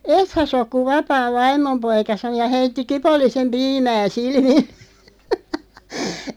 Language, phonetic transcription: Finnish, » "ethä s ‿ok kuᵛ "vapaav "vaim̆mom 'poika « sa(n)o ja 'heitti 'kipollisem "piimää 'silmilʟᴇ .
- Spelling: ethän sinä ole kun vapaan vaimon poika sanoi ja heitti kipollisen piimää silmille

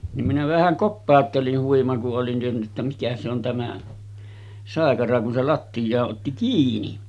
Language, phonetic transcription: Finnish, nim minä vähäŋ 'koppàottelin , huima ku’ ’olin ’en tienny ‿ttä mikä se ‿on 'tämä , 'sàekara kun se lattijaa’ ’otti 'kiini .
- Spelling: niin minä vähän kopauttelin huima kun olin en tiennyt että mikä se on tämä saikara kun se lattiaan otti kiinni

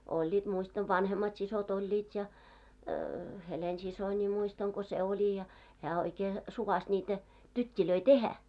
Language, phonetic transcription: Finnish, 'oĺĺiit muistav 'vanhemmat sisot 'oĺĺiit ja , 'Helen'sisońi̳§ muistaŋ ko se 'oĺi ja , hää oikee , 'suvas ńiitä , 'tyt́t́ilöi "tehä .
- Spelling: olivat muistan vanhemmat siskot olivat ja Helena-siskoni muistan kun se oli ja hän oikein suvaitsi niitä tyttejä tehdä

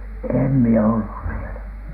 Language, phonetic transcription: Finnish, 'èm mie "ollus sielä .
- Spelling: en minä ollut siellä

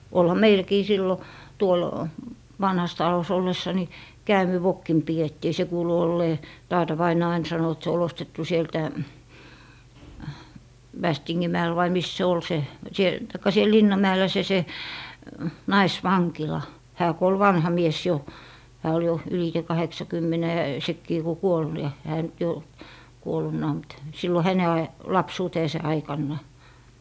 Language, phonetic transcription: Finnish, olha "meilkii sillo , 'tuol , 'vanhas 'talos ollessa ni , "käämivokkim pi₍ettii , 'se kuulu ollee , "taata vainaa ain 'sano et se ol ostettu sieltä , "Västiŋŋin 'mäɛl vai 'mis se 'ol se , siel- , taikka siel "linnam mä₍ellä se se , "nais'vaŋkila , hää ku ol "vanha "mies 'jo , hää ol jo , ylite 'kaheksakymmɛnɛ , 'sekkii ku 'kuol , ja hää nyt jo , 'kuol̀unnaa mut , 'sillo häne aj- , 'lapsuuteese' aikanna .
- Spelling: olihan meilläkin silloin tuolla vanhassa talossa ollessa niin käämivokkina pidettiin se kuului olleen taata vainaa aina sanoi että se oli ostettu sieltä Västingin mäellä vai missä se oli se - tai siellä linnan mäellä se se naisvankila hän kun oli vanha mies jo hän oli jo ylitse kahdeksankymmenen sekin kun kuoli ja hän nyt jo kuolleenakin mutta silloin hänen - lapsuutensa aikana

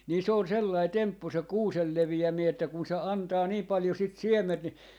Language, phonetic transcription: Finnish, 'nii se on 'sellai 'temppu se "kuusel 'levi₍ämii että kun̬ se 'antaa 'nii paljo sit "siɛm̆ment ni ,.
- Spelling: niin se on sellainen temppu se kuusen leviäminen että kun se antaa niin paljon sitä siementä niin

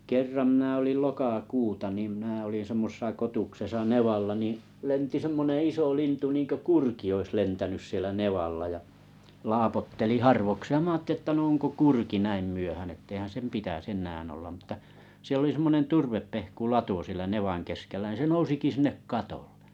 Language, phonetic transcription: Finnish, 'kerram mnä̀ olil lokakuta nim mⁱna olin 'semmosᵉsa 'kotuksesa "nevalla nì , 'lenti semmonè 'iso 'lintu niiŋkö "kurki ois 'lentänys sielä "nevalla ja , "laapotteli "harvokseeʲ mⁱᵃ̈ 'aatteli ᵉttä no oŋko 'kurki 'näim myöhän ‿etteihän 'sem 'pitäs 'ennään ollam m̥tta , 'siel ‿oli 'semmonen 'turveppehku'lato sielä 'nevaŋ keskellä nⁱ se 'nousiki 'sinnek "katoʟʟᴇ .
- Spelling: kerran minä olin lokakuuta niin minä olin semmoisessa kotuksessa nevalla niin lensi semmoinen iso lintu niin kuin kurki olisi lentänyt siellä nevalla ja laapotteli harvakseen minä ajattelin että no onko kurki näin myöhään että eihän sen pitäisi enää olla mutta siellä oli semmoinen turvepehkulato siellä nevan keskellä niin se nousikin sinne katolle

